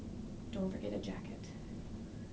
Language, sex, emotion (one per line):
English
female
neutral